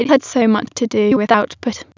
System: TTS, waveform concatenation